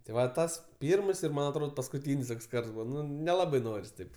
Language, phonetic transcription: Lithuanian, ti ˈva ˈtas ˈpyrms ir ˈman atˈrod paskuˈtyn's' ˈtoks ˈkarts ˈbūva neˈlabai ˈnoris taip

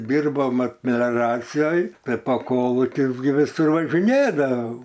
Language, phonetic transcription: Lithuanian, ˈdirbom ˈmat melioˈracijoj tai po ˈkolukius gi viˈsur važiˈnėdavau

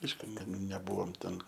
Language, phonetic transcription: Lithuanian, ˈaišku neˈbuvom ten

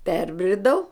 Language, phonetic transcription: Lithuanian, ˈperbridau

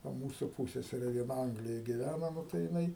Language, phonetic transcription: Lithuanian, ˈva ˈmūsu ˈpūssesere vieˈna ˈanglijoj giˈvæna ˈnu tai jiˈnai

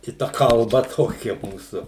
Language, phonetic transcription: Lithuanian, i ˈta kalˈba ˈtokia ˈmūsu

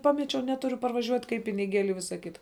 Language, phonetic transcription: Lithuanian, ˈpamečiau ˈneturiu parvaˈžiuot' kaip piniˈgėli i ˈvisa ˈkita

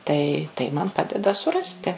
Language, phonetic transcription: Lithuanian, tai tai ˈman ˈpadeda suˈrasti

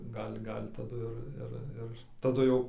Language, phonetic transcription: Lithuanian, ˈgal' ˈgal' taˈdu ir ˈir ˈir taˈdu jau

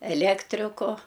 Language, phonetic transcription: Lithuanian, eˈlektriku

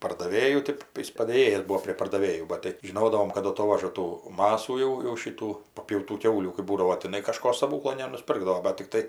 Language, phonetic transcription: Lithuanian, pardaˈvėjų ˈtėp ˈjis padėˈjėjas ˈbuo prie pardaˈvėjų ˈbat tai žiˈnodavom kad aˈtovaža ˈtų ˈmasų jau jau šyˈtų papjauˈtų ˈkiaulių kɜp ˈbūdavo tiˈnai kaˈžko staˈbūklo nenusˈpirkdavo bat tikˈtai

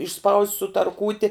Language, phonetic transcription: Lithuanian, išˈspaust' sutarˈkūti

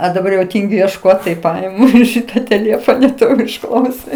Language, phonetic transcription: Lithuanian, o daˈbar jau ˈtyngiu iešˈkot tai ˈpajamu ˈšyta tėˈlėfona ˈto ir užˈklausi

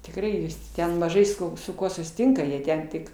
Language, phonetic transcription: Lithuanian, tikˈrai jis ˈten maˈžai su su ˈkuo susiˈtinka jie ˈten tik

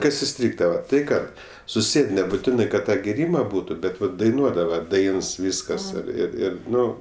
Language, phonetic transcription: Lithuanian, ˈkas iˈstrygdava tai ˈkad suˈsėd nebuˈtinai kad ˈtą gėˈryma ˈbūtu ˈbet ˈvat daiˈnuodava ˈdains ˈvyskas ir ir ˈir ˈnu

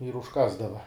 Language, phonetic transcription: Lithuanian, ir užˈkasdava

